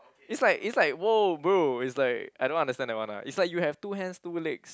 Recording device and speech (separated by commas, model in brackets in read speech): close-talking microphone, conversation in the same room